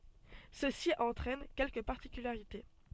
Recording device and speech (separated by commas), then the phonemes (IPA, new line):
soft in-ear microphone, read sentence
səsi ɑ̃tʁɛn kɛlkə paʁtikylaʁite